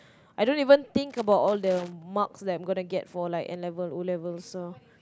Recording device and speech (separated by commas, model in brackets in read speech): close-talking microphone, conversation in the same room